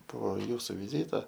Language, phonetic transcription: Lithuanian, po ˈjūsu viˈzyta

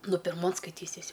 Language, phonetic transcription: Lithuanian, ˈnu pirˈmon skaiˈtysis'

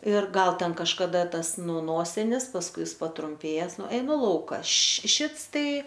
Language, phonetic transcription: Lithuanian, ir ˈgal ˈten kažkaˈda ˈtas ˈnu ˈnosinis pasˈkui ˈjis patrumˈpėjes ˈnu eiˈnu ˈlauka ˈaš ˈšits ˈtai

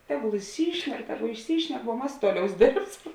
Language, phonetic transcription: Lithuanian, ˈteˌgul išˈsyšnek ˈteˌgu išˈsyšnek vuo ˈmas ˈtuoˌliaus ˈdėrbsam

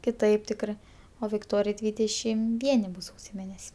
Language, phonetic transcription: Lithuanian, kiˈtaip ˈtikrɜ o vikˈtorijai ˈdvydešim ˈvieni ˈbus ˈsausio ˈmėnes'

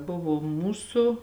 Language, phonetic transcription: Lithuanian, ˈbuvo ˈmūsu

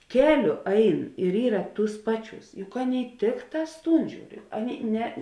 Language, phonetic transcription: Lithuanian, ˈkeˌliu ˈain ir ˈyra ˈtūs ˈpaˌčiūs juk ˈaˌnėi ˈtikˌtās ˈtūn ˈžiūr ˈaˌnėi ˈne

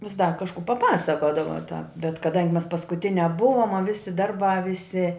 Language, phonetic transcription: Lithuanian, vis dar kažˈkų paˈpasakodava tāp bet kaˈdangi mes paskuˈtiniā ˈbuvom a ˈvisi ˈdarˌbā ˈvisi

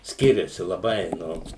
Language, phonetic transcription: Lithuanian, ˈskiriasi laˈbai ˈnu

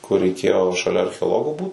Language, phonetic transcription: Lithuanian, kur reiˈkėjo šaˈlia archeoˈlogo ˈbūt

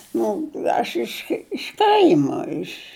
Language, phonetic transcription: Lithuanian, ˈnu ˈaš iš iš ˈkaima iš

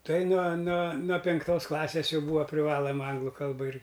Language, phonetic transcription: Lithuanian, ˈtai nuo nuo nuo pinkˈtos ˈklasės ˈjau ˈbūva priˈvalama ˈanglu ˈkalba ir

